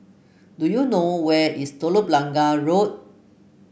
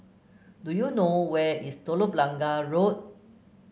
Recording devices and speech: boundary microphone (BM630), mobile phone (Samsung C9), read sentence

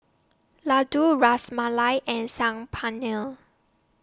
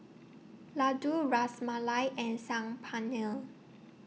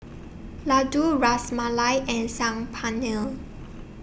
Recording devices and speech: standing microphone (AKG C214), mobile phone (iPhone 6), boundary microphone (BM630), read sentence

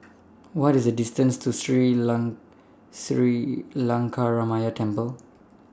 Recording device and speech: standing microphone (AKG C214), read sentence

